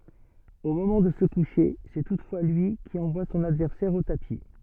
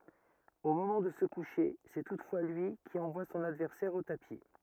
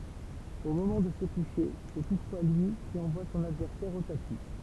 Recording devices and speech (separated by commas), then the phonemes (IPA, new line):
soft in-ear microphone, rigid in-ear microphone, temple vibration pickup, read sentence
o momɑ̃ də sə kuʃe sɛ tutfwa lyi ki ɑ̃vwa sɔ̃n advɛʁsɛʁ o tapi